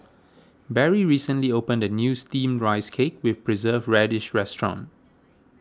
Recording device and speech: standing microphone (AKG C214), read sentence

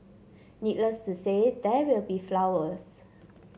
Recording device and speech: mobile phone (Samsung C7), read sentence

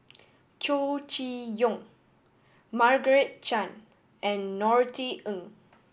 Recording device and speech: boundary microphone (BM630), read sentence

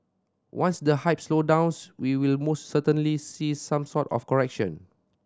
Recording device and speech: standing microphone (AKG C214), read sentence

